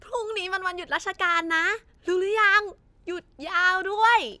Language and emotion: Thai, happy